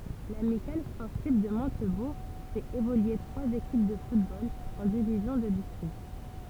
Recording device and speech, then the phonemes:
temple vibration pickup, read sentence
lamikal spɔʁtiv də mɔ̃tbuʁ fɛt evolye tʁwaz ekip də futbol ɑ̃ divizjɔ̃ də distʁikt

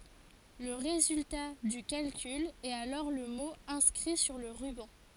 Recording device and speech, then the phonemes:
forehead accelerometer, read sentence
lə ʁezylta dy kalkyl ɛt alɔʁ lə mo ɛ̃skʁi syʁ lə ʁybɑ̃

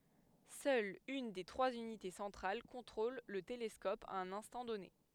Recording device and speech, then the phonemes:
headset microphone, read sentence
sœl yn de tʁwaz ynite sɑ̃tʁal kɔ̃tʁol lə telɛskɔp a œ̃n ɛ̃stɑ̃ dɔne

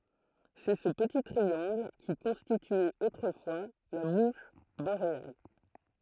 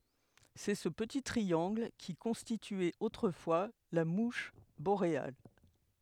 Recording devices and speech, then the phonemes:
throat microphone, headset microphone, read sentence
sɛ sə pəti tʁiɑ̃ɡl ki kɔ̃stityɛt otʁəfwa la muʃ boʁeal

